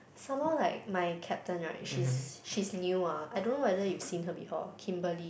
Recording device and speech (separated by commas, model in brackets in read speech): boundary microphone, conversation in the same room